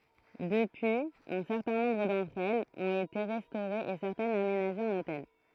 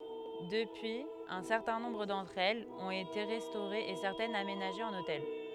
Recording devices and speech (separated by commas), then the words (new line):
throat microphone, headset microphone, read sentence
Depuis, un certain nombre d'entre elles ont été restaurées et certaines aménagées en hôtel.